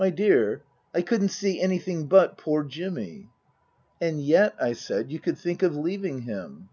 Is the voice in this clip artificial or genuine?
genuine